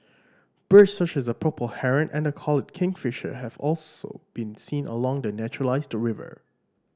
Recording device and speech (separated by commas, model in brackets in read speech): standing microphone (AKG C214), read sentence